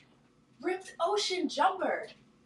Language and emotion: English, happy